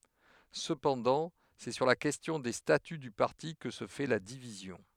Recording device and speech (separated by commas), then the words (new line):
headset microphone, read sentence
Cependant, c'est sur la question des statuts du parti que se fait la division.